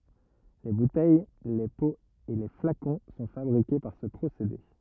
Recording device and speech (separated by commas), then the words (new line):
rigid in-ear microphone, read sentence
Les bouteilles, les pots et les flacons sont fabriqués par ce procédé.